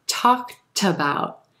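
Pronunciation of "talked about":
'Talked about' is said with linking: the t sound at the end of 'talked' links over to the front of 'about'.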